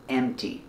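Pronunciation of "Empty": In 'empty', there is no p sound; it is said as m then t.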